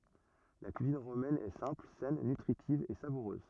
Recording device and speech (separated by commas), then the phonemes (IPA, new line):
rigid in-ear microphone, read sentence
la kyizin ʁomɛn ɛ sɛ̃pl sɛn nytʁitiv e savuʁøz